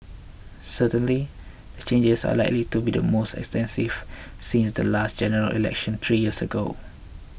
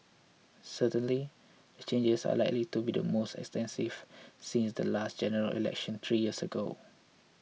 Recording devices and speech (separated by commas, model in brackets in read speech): boundary microphone (BM630), mobile phone (iPhone 6), read sentence